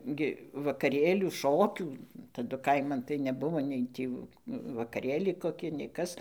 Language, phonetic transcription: Lithuanian, gi vakaˈrėlių ˈšokių taˈdu ˈkaiman tai neˈbuvo ˈnei tį vakaˈrėliai koˈki nei ˈkas

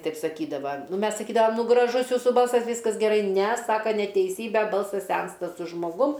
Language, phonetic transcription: Lithuanian, ˈtaip saˈkydava ˈmes saˈkydavam ˈnu graˈžus ˈjūsų ˈbalsas ˈvyskas geˈrai ˈne ˈsaka neteiˈsybe ˈbalsas ˈsensta su žmoˈgum

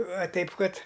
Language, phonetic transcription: Lithuanian, aˈteip ˈkad

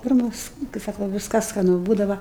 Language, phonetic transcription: Lithuanian, ˈpirmas kai ˈsaku ˈviskas skaˈnu ˈbūdava

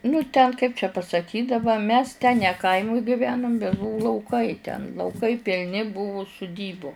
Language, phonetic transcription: Lithuanian, nu ten kaip čia pasaˈkyt' daˈba mes ten ne ˈkaimuj giˈvenum bet ˈbuvu lauˈkai ten lauˈkai pilˈni ˈbuvu suˈdybu

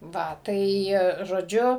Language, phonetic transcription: Lithuanian, ˈva ˈtai žoˈdžiu

